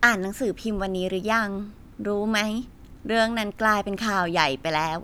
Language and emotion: Thai, neutral